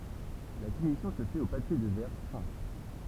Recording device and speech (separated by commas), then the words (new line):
temple vibration pickup, read sentence
La finition se fait au papier de verre fin.